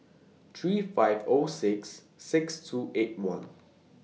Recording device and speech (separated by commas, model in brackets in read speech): mobile phone (iPhone 6), read sentence